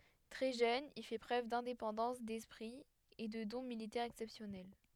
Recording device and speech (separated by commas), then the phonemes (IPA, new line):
headset microphone, read sentence
tʁɛ ʒøn il fɛ pʁøv dɛ̃depɑ̃dɑ̃s dɛspʁi e də dɔ̃ militɛʁz ɛksɛpsjɔnɛl